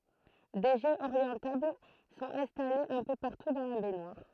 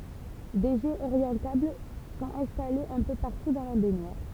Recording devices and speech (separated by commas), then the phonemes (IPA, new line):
throat microphone, temple vibration pickup, read sentence
de ʒɛz oʁjɑ̃tabl sɔ̃t ɛ̃stalez œ̃ pø paʁtu dɑ̃ la bɛɲwaʁ